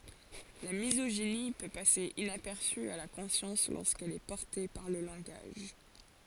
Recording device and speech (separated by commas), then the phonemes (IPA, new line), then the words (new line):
forehead accelerometer, read sentence
la mizoʒini pø pase inapɛʁsy a la kɔ̃sjɑ̃s loʁskɛl ɛ pɔʁte paʁ lə lɑ̃ɡaʒ
La misogynie peut passer inaperçue à la conscience lorsqu'elle est portée par le langage.